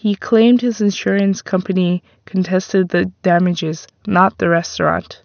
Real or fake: real